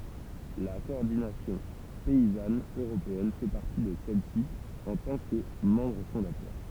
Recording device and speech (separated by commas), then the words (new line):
temple vibration pickup, read sentence
La Coordination Paysanne Européenne fait partie de celles-ci en tant que membre fondateur.